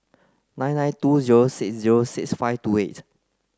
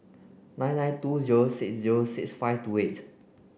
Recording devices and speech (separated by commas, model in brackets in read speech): close-talking microphone (WH30), boundary microphone (BM630), read sentence